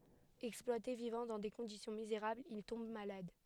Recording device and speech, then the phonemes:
headset microphone, read sentence
ɛksplwate vivɑ̃ dɑ̃ de kɔ̃disjɔ̃ mizeʁablz il tɔ̃b malad

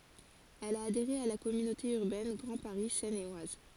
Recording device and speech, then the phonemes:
forehead accelerometer, read sentence
ɛl a adeʁe a la kɔmynote yʁbɛn ɡʁɑ̃ paʁi sɛn e waz

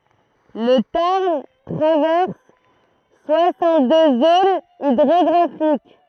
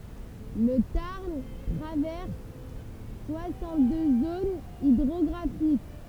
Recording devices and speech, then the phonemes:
throat microphone, temple vibration pickup, read sentence
lə taʁn tʁavɛʁs swasɑ̃t dø zonz idʁɔɡʁafik

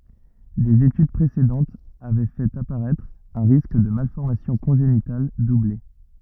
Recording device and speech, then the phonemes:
rigid in-ear microphone, read sentence
dez etyd pʁesedɑ̃tz avɛ fɛt apaʁɛtʁ œ̃ ʁisk də malfɔʁmasjɔ̃ kɔ̃ʒenital duble

